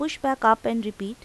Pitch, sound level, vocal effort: 230 Hz, 86 dB SPL, normal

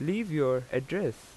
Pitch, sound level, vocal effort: 145 Hz, 87 dB SPL, loud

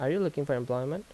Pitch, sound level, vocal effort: 145 Hz, 82 dB SPL, normal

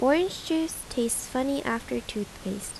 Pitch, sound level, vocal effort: 240 Hz, 79 dB SPL, soft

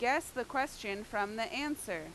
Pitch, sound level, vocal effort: 235 Hz, 91 dB SPL, very loud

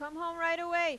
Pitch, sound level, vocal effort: 335 Hz, 98 dB SPL, loud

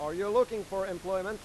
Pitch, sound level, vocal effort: 195 Hz, 100 dB SPL, loud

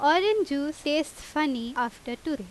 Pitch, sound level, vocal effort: 295 Hz, 89 dB SPL, very loud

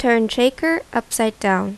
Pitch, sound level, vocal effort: 235 Hz, 81 dB SPL, normal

